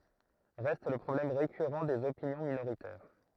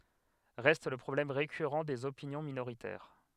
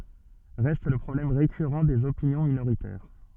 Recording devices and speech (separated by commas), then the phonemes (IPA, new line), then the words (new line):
throat microphone, headset microphone, soft in-ear microphone, read sentence
ʁɛst lə pʁɔblɛm ʁekyʁɑ̃ dez opinjɔ̃ minoʁitɛʁ
Reste le problème récurrent des opinions minoritaires.